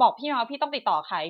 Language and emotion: Thai, frustrated